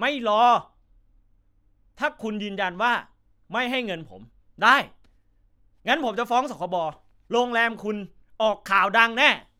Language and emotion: Thai, angry